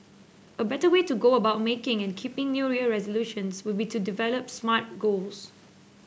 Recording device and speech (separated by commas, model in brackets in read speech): boundary microphone (BM630), read sentence